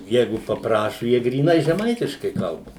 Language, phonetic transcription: Lithuanian, ˈjeigu papˈrašu ˈjie gryˈnai žeˈmaitiškai ˈkalba

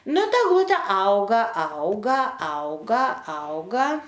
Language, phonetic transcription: Lithuanian, ˈnu ˈta egˈlute ˈauga ˈauga ˈauga ˈauga

